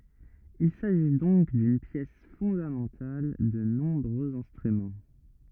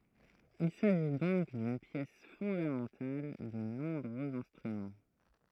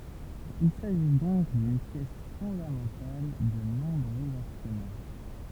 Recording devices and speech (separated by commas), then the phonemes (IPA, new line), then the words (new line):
rigid in-ear microphone, throat microphone, temple vibration pickup, read sentence
il saʒi dɔ̃k dyn pjɛs fɔ̃damɑ̃tal də nɔ̃bʁøz ɛ̃stʁymɑ̃
Il s'agit donc d'une pièce fondamentale de nombreux instruments.